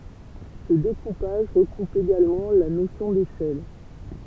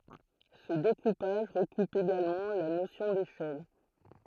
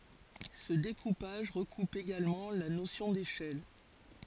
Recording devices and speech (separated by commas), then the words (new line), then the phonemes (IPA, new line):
temple vibration pickup, throat microphone, forehead accelerometer, read sentence
Ce découpage recoupe également la notion d'échelle.
sə dekupaʒ ʁəkup eɡalmɑ̃ la nosjɔ̃ deʃɛl